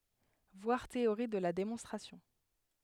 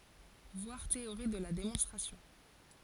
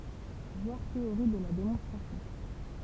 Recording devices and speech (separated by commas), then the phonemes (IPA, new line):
headset microphone, forehead accelerometer, temple vibration pickup, read sentence
vwaʁ teoʁi də la demɔ̃stʁasjɔ̃